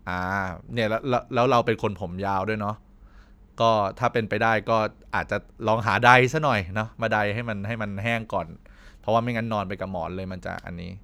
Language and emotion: Thai, neutral